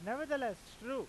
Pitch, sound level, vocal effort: 245 Hz, 96 dB SPL, loud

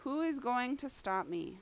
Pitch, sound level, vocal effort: 250 Hz, 87 dB SPL, loud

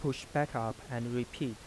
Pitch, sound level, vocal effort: 125 Hz, 84 dB SPL, soft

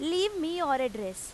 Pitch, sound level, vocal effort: 315 Hz, 94 dB SPL, very loud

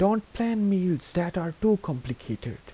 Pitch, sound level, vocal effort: 175 Hz, 80 dB SPL, soft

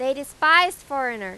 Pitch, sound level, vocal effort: 275 Hz, 99 dB SPL, very loud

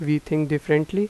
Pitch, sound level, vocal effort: 155 Hz, 87 dB SPL, normal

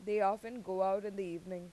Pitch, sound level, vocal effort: 195 Hz, 91 dB SPL, loud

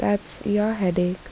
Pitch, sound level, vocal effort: 200 Hz, 73 dB SPL, soft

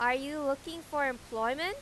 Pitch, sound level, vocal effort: 275 Hz, 94 dB SPL, loud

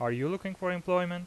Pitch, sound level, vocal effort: 180 Hz, 88 dB SPL, normal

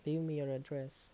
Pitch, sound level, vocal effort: 140 Hz, 78 dB SPL, soft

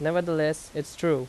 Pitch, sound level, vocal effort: 155 Hz, 85 dB SPL, loud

